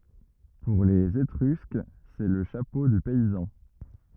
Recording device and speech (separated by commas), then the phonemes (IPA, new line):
rigid in-ear microphone, read sentence
puʁ lez etʁysk sɛ lə ʃapo dy pɛizɑ̃